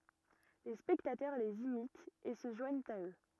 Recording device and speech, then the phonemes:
rigid in-ear microphone, read sentence
le spɛktatœʁ lez imitt e sə ʒwaɲt a ø

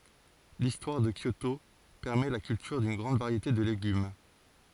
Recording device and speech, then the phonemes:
forehead accelerometer, read sentence
listwaʁ də kjoto pɛʁmɛ la kyltyʁ dyn ɡʁɑ̃d vaʁjete də leɡym

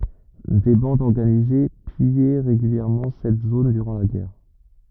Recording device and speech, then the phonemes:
rigid in-ear microphone, read sentence
de bɑ̃dz ɔʁɡanize pijɛ ʁeɡyljɛʁmɑ̃ sɛt zon dyʁɑ̃ la ɡɛʁ

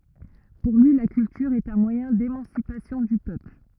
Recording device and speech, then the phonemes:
rigid in-ear microphone, read sentence
puʁ lyi la kyltyʁ ɛt œ̃ mwajɛ̃ demɑ̃sipasjɔ̃ dy pøpl

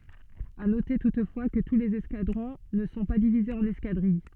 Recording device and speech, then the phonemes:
soft in-ear microphone, read sentence
a note tutfwa kə tu lez ɛskadʁɔ̃ nə sɔ̃ pa divizez ɑ̃n ɛskadʁij

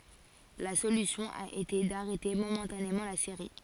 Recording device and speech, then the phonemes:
forehead accelerometer, read sentence
la solysjɔ̃ a ete daʁɛte momɑ̃tanemɑ̃ la seʁi

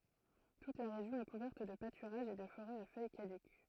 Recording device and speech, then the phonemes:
throat microphone, read sentence
tut la ʁeʒjɔ̃ ɛ kuvɛʁt də patyʁaʒz e də foʁɛz a fœj kadyk

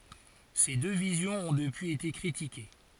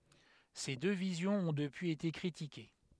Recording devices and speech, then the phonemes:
forehead accelerometer, headset microphone, read sentence
se dø vizjɔ̃z ɔ̃ dəpyiz ete kʁitike

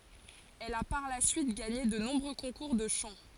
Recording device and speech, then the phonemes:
forehead accelerometer, read sentence
ɛl a paʁ la syit ɡaɲe də nɔ̃bʁø kɔ̃kuʁ də ʃɑ̃

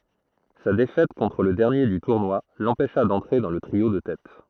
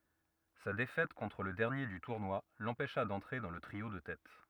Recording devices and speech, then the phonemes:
throat microphone, rigid in-ear microphone, read sentence
sa defɛt kɔ̃tʁ lə dɛʁnje dy tuʁnwa lɑ̃pɛʃa dɑ̃tʁe dɑ̃ lə tʁio də tɛt

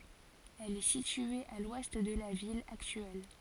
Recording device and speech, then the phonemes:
forehead accelerometer, read sentence
ɛl ɛ sitye a lwɛst də la vil aktyɛl

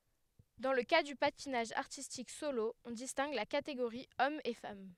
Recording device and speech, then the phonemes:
headset microphone, read sentence
dɑ̃ lə ka dy patinaʒ aʁtistik solo ɔ̃ distɛ̃ɡ la kateɡoʁi ɔm e fam

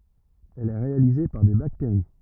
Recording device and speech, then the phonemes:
rigid in-ear microphone, read sentence
ɛl ɛ ʁealize paʁ de bakteʁi

